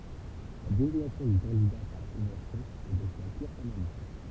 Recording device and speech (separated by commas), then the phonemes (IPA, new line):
temple vibration pickup, read sentence
la deziɲasjɔ̃ dy kɑ̃dida paʁ la kɔ̃vɑ̃sjɔ̃ nɛ dɔ̃k kœ̃ pyʁ fɔʁmalism